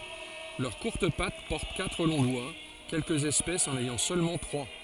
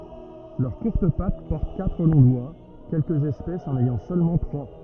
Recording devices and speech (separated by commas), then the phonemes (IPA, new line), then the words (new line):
forehead accelerometer, rigid in-ear microphone, read sentence
lœʁ kuʁt pat pɔʁt katʁ lɔ̃ dwa kɛlkəz ɛspɛsz ɑ̃n ɛjɑ̃ sølmɑ̃ tʁwa
Leurs courtes pattes portent quatre longs doigts, quelques espèces en ayant seulement trois.